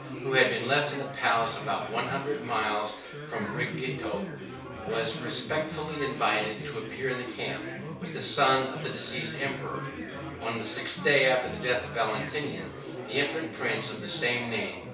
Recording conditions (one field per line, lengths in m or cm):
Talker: one person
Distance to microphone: 3.0 m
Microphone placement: far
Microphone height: 1.8 m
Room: small (3.7 m by 2.7 m)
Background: babble